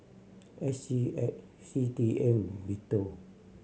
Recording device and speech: mobile phone (Samsung C7100), read sentence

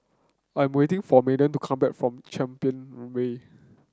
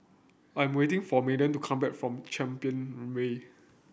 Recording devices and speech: close-talking microphone (WH30), boundary microphone (BM630), read sentence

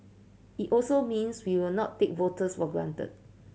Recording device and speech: mobile phone (Samsung C7100), read sentence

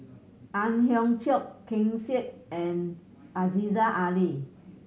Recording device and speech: mobile phone (Samsung C7100), read sentence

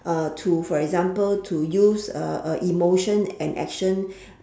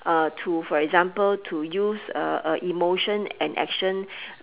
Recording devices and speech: standing microphone, telephone, conversation in separate rooms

